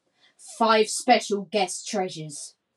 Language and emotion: English, angry